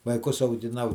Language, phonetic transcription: Lithuanian, vaiˈkus augiˈnau

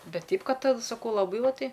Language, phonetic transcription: Lithuanian, ˈbet ˈteip ˈkad saˈkau laˈbai ˈva ˈtai

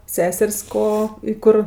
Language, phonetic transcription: Lithuanian, ˈseser's' ˈko i ˈkur

